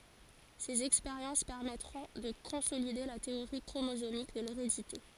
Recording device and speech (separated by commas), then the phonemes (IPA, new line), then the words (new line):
forehead accelerometer, read sentence
sez ɛkspeʁjɑ̃s pɛʁmɛtʁɔ̃ də kɔ̃solide la teoʁi kʁomozomik də leʁedite
Ses expériences permettront de consolider la théorie chromosomique de l'hérédité.